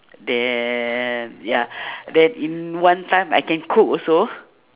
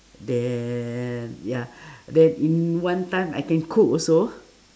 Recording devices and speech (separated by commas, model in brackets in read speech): telephone, standing microphone, conversation in separate rooms